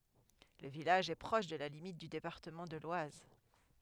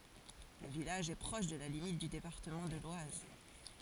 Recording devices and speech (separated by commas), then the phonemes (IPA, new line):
headset microphone, forehead accelerometer, read sentence
lə vilaʒ ɛ pʁɔʃ də la limit dy depaʁtəmɑ̃ də lwaz